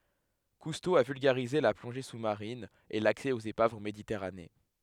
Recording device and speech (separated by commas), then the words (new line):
headset microphone, read sentence
Cousteau a vulgarisé la plongée sous-marine et l'accès aux épaves en Méditerranée.